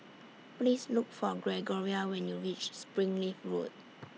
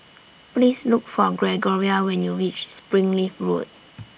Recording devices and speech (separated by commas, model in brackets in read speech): mobile phone (iPhone 6), boundary microphone (BM630), read sentence